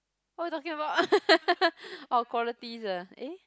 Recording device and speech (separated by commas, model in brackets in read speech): close-talking microphone, conversation in the same room